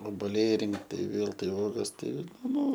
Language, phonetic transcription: Lithuanian, oboˈliai ˈrinkt tai ˈvėl ˈtai ˈuogas ˈtai ˈnu

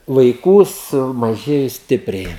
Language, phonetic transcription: Lithuanian, vaiˈkų sumaˈžėju ˈstipriai

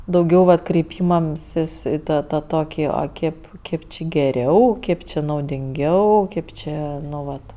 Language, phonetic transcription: Lithuanian, dauˈgiau vat kreiˈpymamsis i ˈtą ta ˈtoki a ˈkėp ˈkėp či geˈriau ˈkėp či naudinˈgiau ˈkėp či ˈnu ˈvat

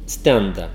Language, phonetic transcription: Lithuanian, ˈstenda

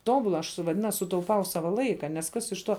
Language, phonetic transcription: Lithuanian, ˈtobula aš ˈsu vaˈdinas sutauˈpau ˈsava ˈlaika nes ˈkas iš ˈtuo

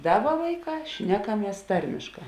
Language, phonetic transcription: Lithuanian, ˈdaˌba ˈvaiˌkā ˈšnekaˌmies ˈtarmišˌkā

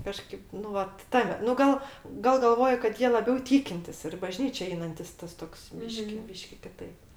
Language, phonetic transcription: Lithuanian, ˈkažkaip nu ˈvat ˈtame nu ˈgal gal galˈvoju kad ˈjie laˈbiau ˈtykintis ir i baˈžnyčia ˈeinantis ˈtas toks ˈbyški ˈbyški kiˈtaip

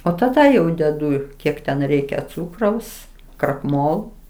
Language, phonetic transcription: Lithuanian, o taˈda jau deˈdu ˈkiek ten ˈreikia ˈcūkraus krakˈmolo

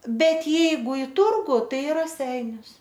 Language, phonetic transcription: Lithuanian, ˈbet ˈjeigu i ˈturgu ˈtai i raˈseinius

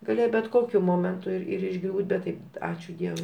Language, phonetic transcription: Lithuanian, gaˈlėje bet ˈkokiu ˈmomentu ir ˈir išˈgriūt' ˈbet tai ˈačiū ˈdievui

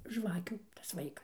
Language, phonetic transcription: Lithuanian, ˈžvakių tas ˈvaikas

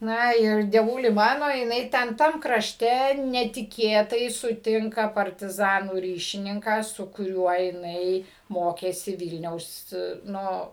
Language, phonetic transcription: Lithuanian, ˈna ir dieˈvuli ˈmano jiˈnai ten ˈtam krašˈte netiˈkėtai suˈtinka partiˈzanų ˈryšininką su kuˈriuo jiˈnai ˈmokėsi ˈvylniaus ˈnu

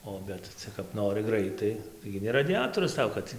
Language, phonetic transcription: Lithuanian, o ˈbet ˈcia kap ˈnorɨ ˈgraitai ˈtaigi ne radiˈjatorus ˈtau kad

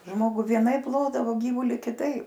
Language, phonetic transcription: Lithuanian, ˈžmogu vieˈnaip ˈlodavo ˈgyvūlį kiˈtaip

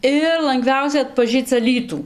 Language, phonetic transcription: Lithuanian, ˈir lanˈgviausia atpaˈžįc aˈlytų

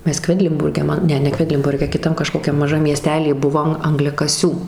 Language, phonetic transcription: Lithuanian, ˈmes ˈkvedlinburge ˈman ˈne ne ˈkvedlinburge kiˈtam kaˈžkokiam maˈžam mieˈstely ˈbuvom angliakaˈsių

